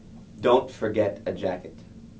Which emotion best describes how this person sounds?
neutral